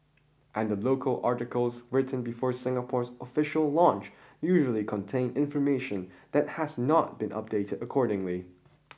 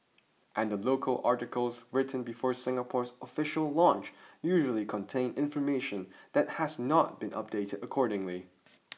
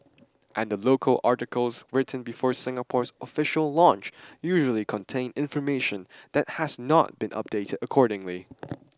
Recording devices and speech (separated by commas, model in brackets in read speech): boundary microphone (BM630), mobile phone (iPhone 6), standing microphone (AKG C214), read sentence